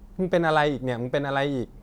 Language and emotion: Thai, frustrated